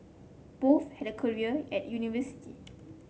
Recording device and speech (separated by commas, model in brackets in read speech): mobile phone (Samsung C7), read sentence